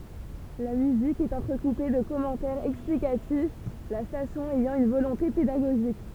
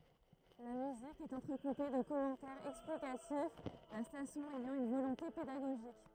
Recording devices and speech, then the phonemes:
temple vibration pickup, throat microphone, read sentence
la myzik ɛt ɑ̃tʁəkupe də kɔmɑ̃tɛʁz ɛksplikatif la stasjɔ̃ ɛjɑ̃ yn volɔ̃te pedaɡoʒik

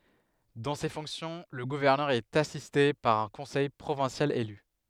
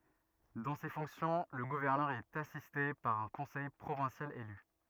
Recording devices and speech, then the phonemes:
headset microphone, rigid in-ear microphone, read sentence
dɑ̃ se fɔ̃ksjɔ̃ lə ɡuvɛʁnœʁ ɛt asiste paʁ œ̃ kɔ̃sɛj pʁovɛ̃sjal ely

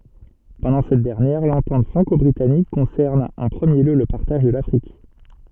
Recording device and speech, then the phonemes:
soft in-ear microphone, read sentence
pɑ̃dɑ̃ sɛt dɛʁnjɛʁ lɑ̃tɑ̃t fʁɑ̃kɔbʁitanik kɔ̃sɛʁn ɑ̃ pʁəmje ljø lə paʁtaʒ də lafʁik

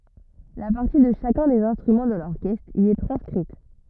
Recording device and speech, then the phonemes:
rigid in-ear microphone, read sentence
la paʁti də ʃakœ̃ dez ɛ̃stʁymɑ̃ də lɔʁkɛstʁ i ɛ tʁɑ̃skʁit

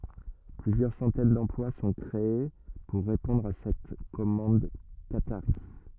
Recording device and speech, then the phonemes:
rigid in-ear microphone, read sentence
plyzjœʁ sɑ̃tɛn dɑ̃plwa sɔ̃ kʁee puʁ ʁepɔ̃dʁ a sɛt kɔmɑ̃d kataʁi

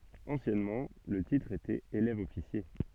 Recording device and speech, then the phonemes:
soft in-ear microphone, read sentence
ɑ̃sjɛnmɑ̃ lə titʁ etɛt elɛvəɔfisje

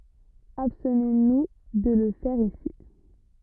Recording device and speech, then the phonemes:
rigid in-ear microphone, read sentence
abstnɔ̃ nu də lə fɛʁ isi

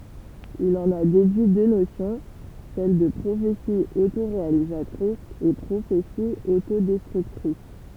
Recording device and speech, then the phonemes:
temple vibration pickup, read sentence
il ɑ̃n a dedyi dø nosjɔ̃ sɛl də pʁofeti otoʁealizatʁis e pʁofeti otodɛstʁyktʁis

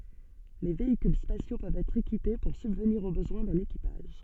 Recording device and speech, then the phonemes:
soft in-ear microphone, read sentence
le veikyl spasjo pøvt ɛtʁ ekipe puʁ sybvniʁ o bəzwɛ̃ dœ̃n ekipaʒ

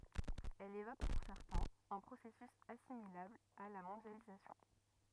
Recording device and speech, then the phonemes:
rigid in-ear microphone, read sentence
ɛl evok puʁ sɛʁtɛ̃z œ̃ pʁosɛsys asimilabl a la mɔ̃djalizasjɔ̃

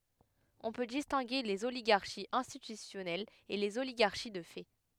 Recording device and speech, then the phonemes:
headset microphone, read sentence
ɔ̃ pø distɛ̃ɡe lez oliɡaʁʃiz ɛ̃stitysjɔnɛlz e lez oliɡaʁʃi də fɛ

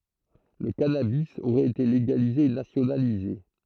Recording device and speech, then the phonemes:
throat microphone, read sentence
lə kanabi oʁɛt ete leɡalize e nasjonalize

